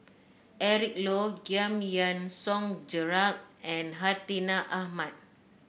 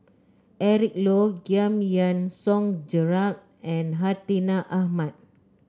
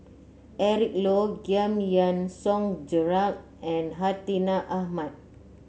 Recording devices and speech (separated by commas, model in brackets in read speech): boundary microphone (BM630), close-talking microphone (WH30), mobile phone (Samsung C9), read sentence